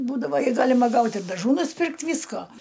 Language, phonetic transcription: Lithuanian, ˈbūdavo i ˈgalima ˈgaut' ir daˈžų nusˈpirkt' ˈvysko

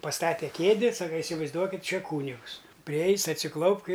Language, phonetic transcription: Lithuanian, paˈstate ˈkėdi ˈsaka isivaizˈduokit' ˈčia ˈkūnigus priˈeis' atsiˈklaupk i

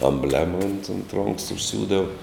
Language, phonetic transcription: Lithuanian, amˈblema unt unt ronks užˈsiūdav

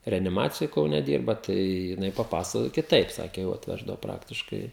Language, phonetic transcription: Lithuanian, reaniˈmacijoj kauˈne ˈdyrba tai jiˈnai paˈpasakojo kiˈtaip ˈsakė jau atˈveždavo ˈpraktiškai

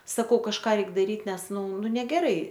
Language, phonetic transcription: Lithuanian, saˈkau kažˈką ˈreik daˈryt ˈnes ˈnu ˈnu negeˈrai

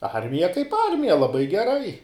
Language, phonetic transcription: Lithuanian, ˈarmija kaip ˈarmija laˈbai geˈrai

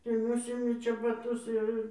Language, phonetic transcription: Lithuanian, tai ˈnusimi čebaˈtus jau ˈir

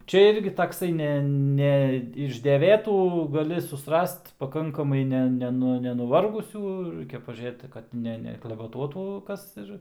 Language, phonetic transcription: Lithuanian, ˈčia ˈirgi takˈsai ˈne ˈne iš deˈvėtų gaˈli susˈrast paˈkankamai ˈne ˈnenu nenuˈvargusių ˈraikia pažiūˈrėt kad ˈne neklaveˈtuotų ˈkas ir

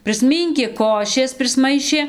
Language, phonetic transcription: Lithuanian, prisˈmynkė ˈkošės prisˈmaišė

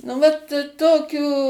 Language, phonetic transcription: Lithuanian, nu ˈvat ˈtokių

